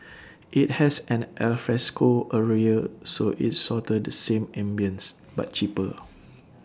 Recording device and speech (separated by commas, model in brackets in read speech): standing microphone (AKG C214), read sentence